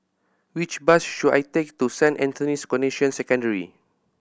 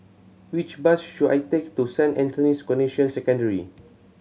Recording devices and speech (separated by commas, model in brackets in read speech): boundary microphone (BM630), mobile phone (Samsung C7100), read sentence